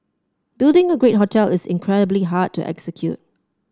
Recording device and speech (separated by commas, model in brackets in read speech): standing microphone (AKG C214), read sentence